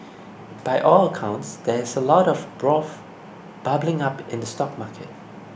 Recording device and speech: boundary microphone (BM630), read sentence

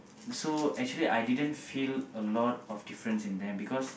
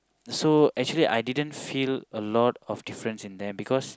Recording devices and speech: boundary microphone, close-talking microphone, conversation in the same room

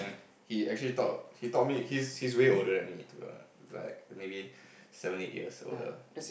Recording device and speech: boundary microphone, conversation in the same room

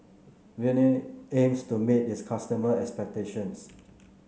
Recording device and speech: mobile phone (Samsung C9), read sentence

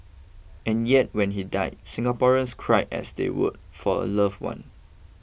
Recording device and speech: boundary microphone (BM630), read sentence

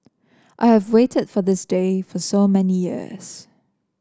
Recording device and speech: standing microphone (AKG C214), read sentence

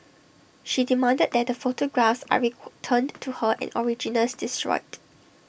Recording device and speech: boundary microphone (BM630), read sentence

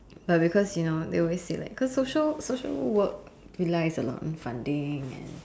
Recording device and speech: standing microphone, conversation in separate rooms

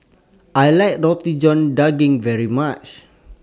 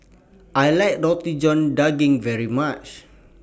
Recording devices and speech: standing microphone (AKG C214), boundary microphone (BM630), read sentence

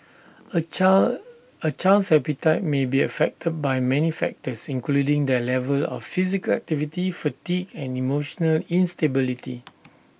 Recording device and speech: boundary microphone (BM630), read sentence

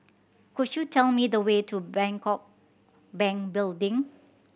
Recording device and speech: boundary microphone (BM630), read sentence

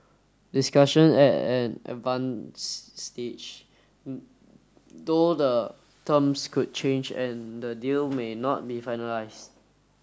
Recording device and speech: standing microphone (AKG C214), read sentence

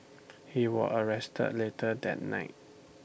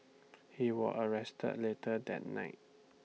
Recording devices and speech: boundary microphone (BM630), mobile phone (iPhone 6), read sentence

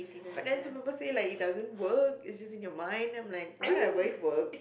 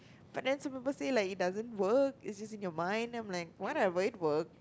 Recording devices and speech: boundary microphone, close-talking microphone, conversation in the same room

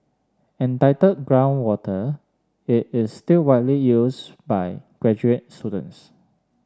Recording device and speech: standing microphone (AKG C214), read sentence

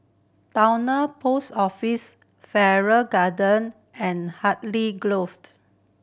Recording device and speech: boundary microphone (BM630), read sentence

